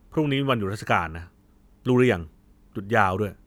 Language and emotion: Thai, angry